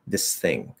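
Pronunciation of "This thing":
In 'this thing', the th sound of 'thing' disappears after the s of 'this', so both sounds are not pronounced.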